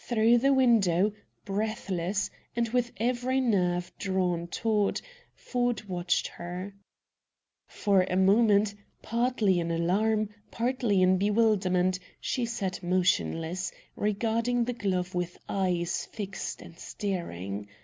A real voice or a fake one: real